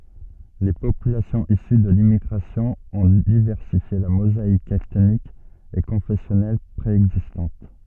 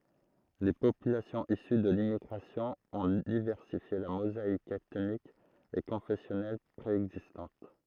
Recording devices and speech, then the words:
soft in-ear microphone, throat microphone, read sentence
Les populations issues de l'immigration ont diversifié la mosaïque ethnique et confessionnelle préexistante.

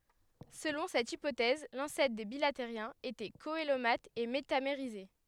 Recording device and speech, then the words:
headset microphone, read sentence
Selon cette hypothèse, l'ancêtre des bilatériens était coelomate et métamérisé.

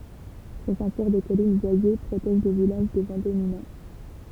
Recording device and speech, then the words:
temple vibration pickup, read sentence
Sa ceinture de collines boisées protège le village des vents dominants.

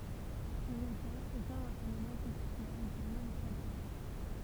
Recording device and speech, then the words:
temple vibration pickup, read sentence
Pour autant, aucun renseignement textuel est connu jusqu'à présent.

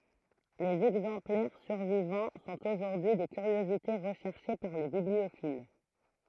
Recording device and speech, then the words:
throat microphone, read sentence
Les exemplaires survivants sont aujourd'hui des curiosités recherchées par les bibliophiles.

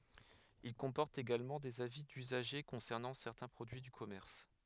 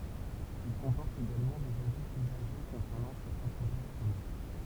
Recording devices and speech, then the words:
headset microphone, temple vibration pickup, read sentence
Ils comportent également des avis d'usagers concernant certains produits du commerce.

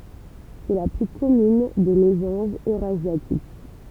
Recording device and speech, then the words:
temple vibration pickup, read sentence
C'est la plus commune des mésanges eurasiatiques.

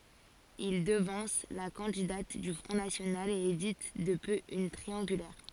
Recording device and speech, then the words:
forehead accelerometer, read sentence
Il devance la candidate du Front National et évite de peu une triangulaire.

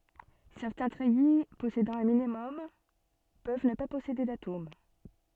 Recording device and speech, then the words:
soft in-ear microphone, read sentence
Certains treillis possédant un minimum peuvent ne pas posséder d'atomes.

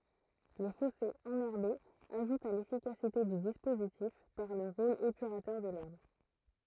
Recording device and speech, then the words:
throat microphone, read sentence
Les fossés enherbés ajoutent à l'efficacité du dispositif par le rôle épurateur de l'herbe.

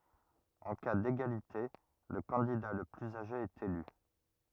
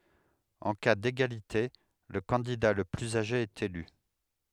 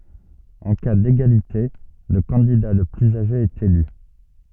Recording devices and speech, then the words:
rigid in-ear microphone, headset microphone, soft in-ear microphone, read sentence
En cas d'égalité, le candidat le plus âgé est élu.

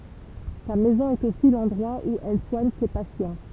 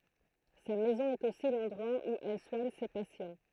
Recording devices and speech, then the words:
temple vibration pickup, throat microphone, read sentence
Sa maison est aussi l'endroit où elle soigne ses patients.

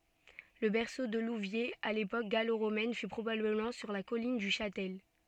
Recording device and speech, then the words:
soft in-ear microphone, read sentence
Le berceau de Louviers à l'époque gallo-romaine fut probablement sur la colline du Châtel.

